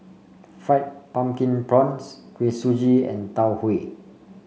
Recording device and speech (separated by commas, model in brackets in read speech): mobile phone (Samsung C5), read sentence